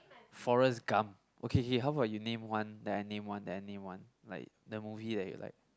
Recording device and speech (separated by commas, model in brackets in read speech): close-talking microphone, conversation in the same room